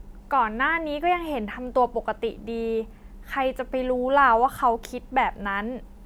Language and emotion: Thai, neutral